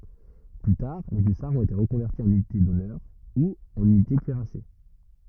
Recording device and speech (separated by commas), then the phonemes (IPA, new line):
rigid in-ear microphone, read sentence
ply taʁ le ysaʁz ɔ̃t ete ʁəkɔ̃vɛʁti ɑ̃n ynite dɔnœʁ u ɑ̃n ynite kyiʁase